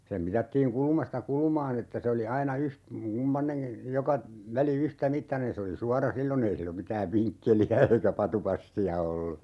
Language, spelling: Finnish, sen mitattiin kulmasta kulmaan että se oli aina - kumpainenkin joka väli yhtämittainen se oli suora silloin ei silloin mitään vinkkeliä eikä vatupassia ollut
- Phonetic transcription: sem 'mitattiiŋ "kulᵘmasta 'kulᵘmaan ‿että se oli 'aina 'yht- , 'kumpaneŋki , 'joka , 'väli 'yhtä"mittanen se oli 'suara "sillo'n ‿ei sillom 'mitääv "viŋkkeli₍ä eikä 'patupassi₍a ollu .

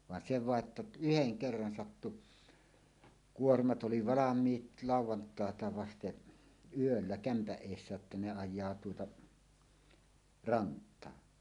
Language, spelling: Finnish, vaan se vain että yhden kerran sattui kuormat oli valmiit lauantaita vasten yöllä kämpän edessä jotta ne ajaa tuota rantaa
- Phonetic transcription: van 'se "vàe 'ᵊttä , "'yheŋ "kerran 'sattu , "kuormat '’oli 'valam̀iit "làuw̆wantàeta 'vasteˀ , "yöllä 'kämpäˀ "ˀèissä jotta ne 'aj̆jaa tuota , "rant̆taa .

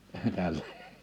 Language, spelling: Finnish, tälle
- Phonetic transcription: tällᴇ .

